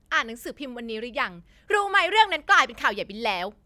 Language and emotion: Thai, angry